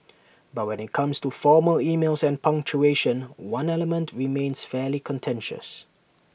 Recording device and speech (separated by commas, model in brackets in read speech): boundary microphone (BM630), read sentence